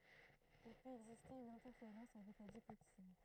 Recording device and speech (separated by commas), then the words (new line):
throat microphone, read sentence
Il peut exister une interférence avec la digoxine.